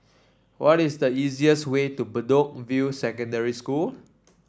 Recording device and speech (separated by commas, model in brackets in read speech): standing microphone (AKG C214), read sentence